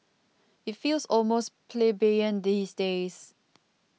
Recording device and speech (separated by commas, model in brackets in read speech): mobile phone (iPhone 6), read sentence